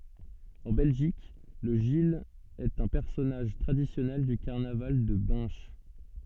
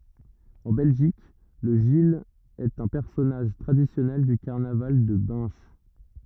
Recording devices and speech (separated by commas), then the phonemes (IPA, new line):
soft in-ear microphone, rigid in-ear microphone, read sentence
ɑ̃ bɛlʒik lə ʒil ɛt œ̃ pɛʁsɔnaʒ tʁadisjɔnɛl dy kaʁnaval də bɛ̃ʃ